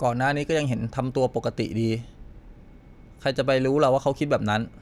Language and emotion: Thai, neutral